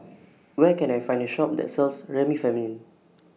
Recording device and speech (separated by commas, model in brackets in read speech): mobile phone (iPhone 6), read sentence